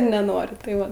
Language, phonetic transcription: Lithuanian, neˈnori tai ˈva

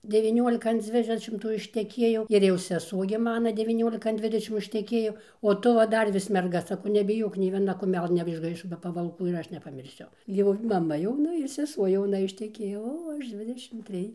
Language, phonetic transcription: Lithuanian, deviˈniuolika an ˈdzvidešimtų išteˈkiejau ir jau seˈsuo gi ˈmana devyˈniolika an ˈdvidešim išteˈkėjo o ˈtu va ˈdar vis merˈga saˈkau nebiˈjok nei vieˈna kuˈmelɘ neišˈgaišo be pavalˈkų ir ˈaš nepamirˈsiu ˈjau ir maˈma jauˈna ir seˈsuo jauˈna išteˈkėjo ˈo ˈaš ˈdzvidešim ˈtrij

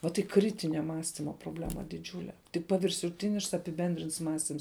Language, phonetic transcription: Lithuanian, vat y ˈkritinia ˈmąstima proˈblema diˈdžiūle tik paviršuˈtinišks apiˈbendrints ˈmąstims

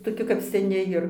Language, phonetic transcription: Lithuanian, toˈki kap seˈni jir

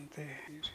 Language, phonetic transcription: Lithuanian, ˈtai ir

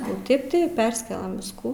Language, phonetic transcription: Lithuanian, o ˈtėp ti ˈpersikelam ˈviskų

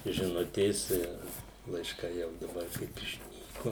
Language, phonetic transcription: Lithuanian, žiˈnutės ir laišˈkai jau daˈbar kaip išˈnyku

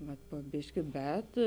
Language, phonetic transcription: Lithuanian, vat po ˈbiški ˈbet

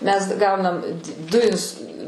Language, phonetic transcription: Lithuanian, mes ˈgaunam du ins

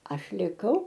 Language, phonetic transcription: Lithuanian, ˈaš liˈkau

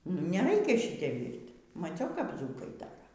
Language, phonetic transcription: Lithuanian, nu y neˈraikia ˈšyte ˈvyrt' maˈciau kap ˈdzūkai ˈdara

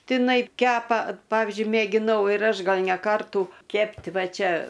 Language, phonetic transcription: Lithuanian, tiˈnai ˈkepa ˈpavizdžiui mėgiˈnau ir ˈaš ˈgal ne ˈkartų ˈkept' ˈva ˈčia

